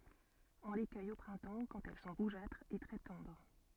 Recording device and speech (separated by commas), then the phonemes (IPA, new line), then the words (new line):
soft in-ear microphone, read sentence
ɔ̃ le kœj o pʁɛ̃tɑ̃ kɑ̃t ɛl sɔ̃ ʁuʒatʁz e tʁɛ tɑ̃dʁ
On les cueille au printemps quand elles sont rougeâtres et très tendres.